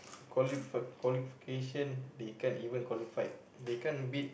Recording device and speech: boundary microphone, conversation in the same room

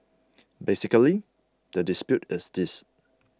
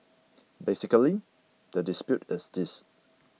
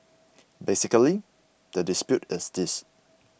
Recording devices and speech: close-talking microphone (WH20), mobile phone (iPhone 6), boundary microphone (BM630), read sentence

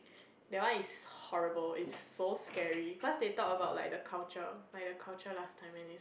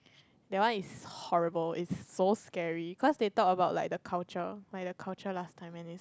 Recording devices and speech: boundary microphone, close-talking microphone, conversation in the same room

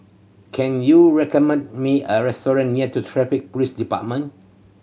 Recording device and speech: mobile phone (Samsung C7100), read sentence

